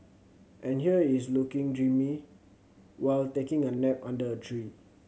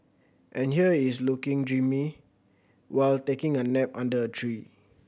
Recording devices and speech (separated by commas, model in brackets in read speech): mobile phone (Samsung C7100), boundary microphone (BM630), read sentence